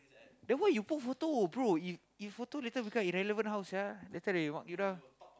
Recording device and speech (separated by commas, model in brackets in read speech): close-talking microphone, conversation in the same room